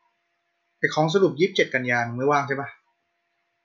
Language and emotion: Thai, neutral